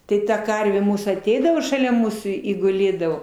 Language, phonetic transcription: Lithuanian, ˈtai ta ˈkarvė ˈmūsų aˈteidavo šaˈlia ˈmūsų i guˈlėdavo

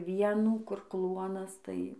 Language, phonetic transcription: Lithuanian, ˈvienų kur ˈkluonas tai

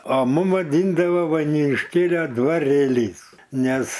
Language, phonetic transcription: Lithuanian, o ˈmum vaˈdindavo vainiūnišˈkėlia dvaˈrėlys ˈnes

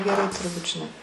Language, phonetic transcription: Lithuanian, geˈrai turˈbūt žiˈnai

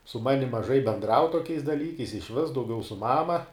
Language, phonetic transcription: Lithuanian, su ˈmanim maˈžai benˈdrau toˈkiais daˈlykais išˈvis dauˈgiau su ˈmama

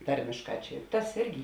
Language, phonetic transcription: Lithuanian, ˈtarmėšˌkā ˈčia tas ˈirgi

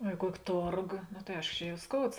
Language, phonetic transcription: Lithuanian, o i ˈkuoki ˈtorgo no tai ˈaiško ˈčia jau ˈskouds

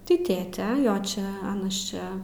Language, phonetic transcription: Lithuanian, ti ˈtėte ˈjo ˈčia ˈanas ˈčia

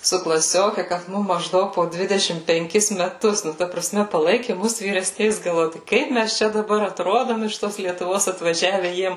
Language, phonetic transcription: Lithuanian, su klaˈsioke kad ˈmum mažˈdaug po ˈdvidešim penˈkis meˈtus nu ˈta praˈsme paˈlaiki ˈmus vyreˈsniais galˈvoju ˈkaip ˈmæs ˈčia daˈbar atˈrodom iš ˈtos lietuˈvos atvaˈžiave ˈjiem

